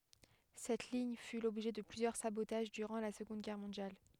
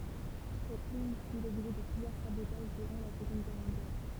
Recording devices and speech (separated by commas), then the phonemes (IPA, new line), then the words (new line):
headset microphone, temple vibration pickup, read sentence
sɛt liɲ fy lɔbʒɛ də plyzjœʁ sabotaʒ dyʁɑ̃ la səɡɔ̃d ɡɛʁ mɔ̃djal
Cette ligne fut l'objet de plusieurs sabotages durant la Seconde Guerre mondiale.